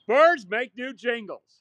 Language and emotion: English, angry